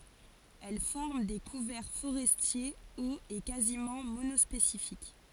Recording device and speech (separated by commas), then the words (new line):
forehead accelerometer, read sentence
Elle forme des couverts forestiers hauts et quasiment monospécifiques.